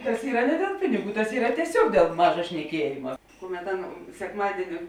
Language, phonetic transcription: Lithuanian, tas ˈyra ne dėl ˈpiniˌgų tas ˈyra tieˈsiog dėl ˈmaža šneˈkiejima ˈkuˌmet ˈaˌna sekˈmadieni

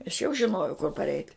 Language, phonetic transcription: Lithuanian, aš jau žiˈnojau kur parˈeit'

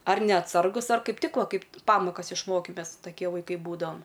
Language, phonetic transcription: Lithuanian, ar neatˈsargus ar ˈkaip ˈtik ˈva ˈkaip ˈpamokas išˈmoki ˈmes taˈkie vaiˈkai ˈbūdavam

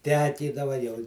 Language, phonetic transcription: Lithuanian, ˈtekydava jau

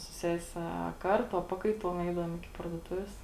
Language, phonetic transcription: Lithuanian, su ˈsese a ˈkarˌtu a ˈpakaiˌtuom ˈeidavuom iˈki parduoˈtuvės

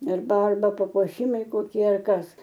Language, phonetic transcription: Lithuanian, ir ˈdar ˈva papuoˈšimai koˈkie ar ˈkas

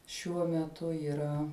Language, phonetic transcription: Lithuanian, šiuo meˈtu yˈra

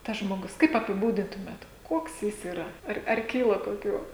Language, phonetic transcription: Lithuanian, tas žmoˈgus kaip apiˈbūdintumėt ˈkuoks ˈjis yˈra ˈar ar ˈkyla koˈkių

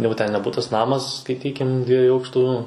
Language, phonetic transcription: Lithuanian, ˈjau ten ne ˈbutas ˈnamas skaiˈtykim ˈdviejų ˈaukštų

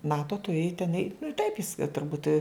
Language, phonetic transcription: Lithuanian, ˈnato tuˈrėj ten ei nu i taip is turˈbūt

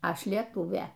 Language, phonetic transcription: Lithuanian, ˈaš lieˈtūvė

